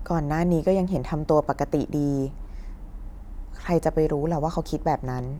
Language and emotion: Thai, neutral